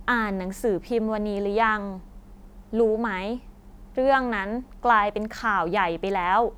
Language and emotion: Thai, frustrated